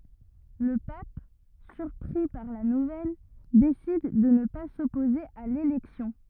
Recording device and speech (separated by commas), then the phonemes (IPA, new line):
rigid in-ear microphone, read sentence
lə pap syʁpʁi paʁ la nuvɛl desid də nə pa sɔpoze a lelɛksjɔ̃